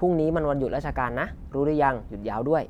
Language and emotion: Thai, neutral